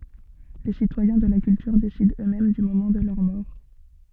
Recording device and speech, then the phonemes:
soft in-ear microphone, read sentence
le sitwajɛ̃ də la kyltyʁ desidɑ̃ øksmɛm dy momɑ̃ də lœʁ mɔʁ

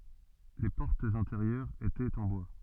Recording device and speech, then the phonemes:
soft in-ear microphone, read sentence
le pɔʁtz ɛ̃teʁjœʁz etɛt ɑ̃ bwa

